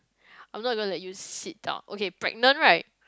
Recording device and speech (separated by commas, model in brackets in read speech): close-talking microphone, conversation in the same room